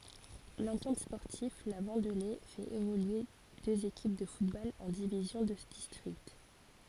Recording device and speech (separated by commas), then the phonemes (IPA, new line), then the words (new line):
forehead accelerometer, read sentence
lɑ̃tɑ̃t spɔʁtiv la vɑ̃dle fɛt evolye døz ekip də futbol ɑ̃ divizjɔ̃ də distʁikt
L'Entente sportive La Vendelée fait évoluer deux équipes de football en divisions de district.